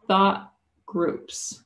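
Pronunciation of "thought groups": In 'thought groups', the t at the end of 'thought' is unaspirated and links straight into the g of 'groups'.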